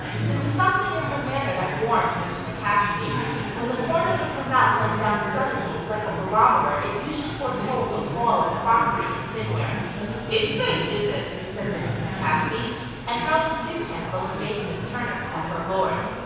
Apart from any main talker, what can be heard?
Crowd babble.